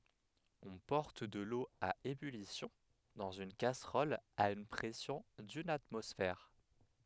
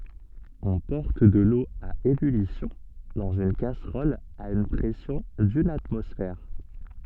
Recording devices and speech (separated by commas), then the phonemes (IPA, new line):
headset microphone, soft in-ear microphone, read sentence
ɔ̃ pɔʁt də lo a ebylisjɔ̃ dɑ̃z yn kasʁɔl a yn pʁɛsjɔ̃ dyn atmɔsfɛʁ